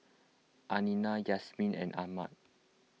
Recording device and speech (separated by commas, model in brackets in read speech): mobile phone (iPhone 6), read sentence